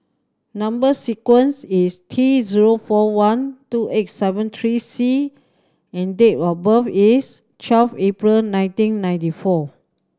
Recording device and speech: standing microphone (AKG C214), read sentence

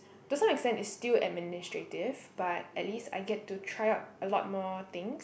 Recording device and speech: boundary microphone, conversation in the same room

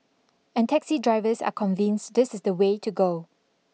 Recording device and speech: mobile phone (iPhone 6), read sentence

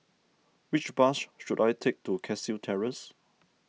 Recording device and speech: mobile phone (iPhone 6), read sentence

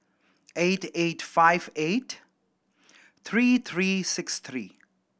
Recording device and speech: boundary microphone (BM630), read sentence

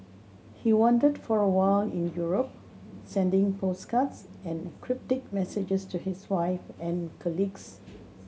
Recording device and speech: mobile phone (Samsung C7100), read sentence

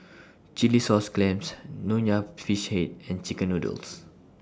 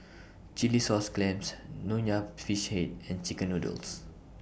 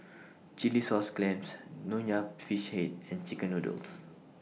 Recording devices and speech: standing microphone (AKG C214), boundary microphone (BM630), mobile phone (iPhone 6), read sentence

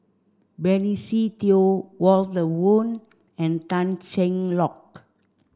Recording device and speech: standing microphone (AKG C214), read sentence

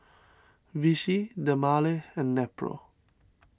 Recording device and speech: standing microphone (AKG C214), read sentence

